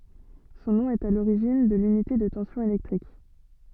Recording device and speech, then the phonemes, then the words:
soft in-ear microphone, read sentence
sɔ̃ nɔ̃ ɛt a loʁiʒin də lynite də tɑ̃sjɔ̃ elɛktʁik
Son nom est à l'origine de l'unité de tension électrique.

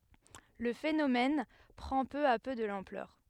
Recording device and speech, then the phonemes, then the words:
headset microphone, read sentence
lə fenomɛn pʁɑ̃ pø a pø də lɑ̃plœʁ
Le phénomène prend peu à peu de l'ampleur.

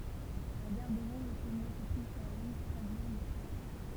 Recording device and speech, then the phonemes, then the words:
temple vibration pickup, read sentence
la ɡaʁ də lɔ̃slzonje sə tʁuv syʁ la liɲ stʁazbuʁ ljɔ̃
La gare de Lons-le-Saunier se trouve sur la ligne Strasbourg - Lyon.

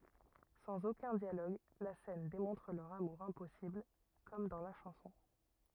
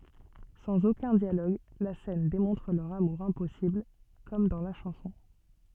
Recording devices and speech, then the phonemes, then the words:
rigid in-ear microphone, soft in-ear microphone, read sentence
sɑ̃z okœ̃ djaloɡ la sɛn demɔ̃tʁ lœʁ amuʁ ɛ̃pɔsibl kɔm dɑ̃ la ʃɑ̃sɔ̃
Sans aucun dialogue, la scène démontre leur amour impossible… comme dans la chanson.

